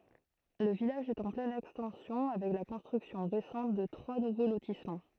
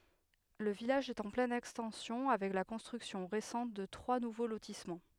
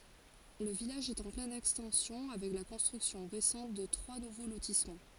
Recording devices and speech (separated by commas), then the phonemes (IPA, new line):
throat microphone, headset microphone, forehead accelerometer, read sentence
lə vilaʒ ɛt ɑ̃ plɛn ɛkstɑ̃sjɔ̃ avɛk la kɔ̃stʁyksjɔ̃ ʁesɑ̃t də tʁwa nuvo lotismɑ̃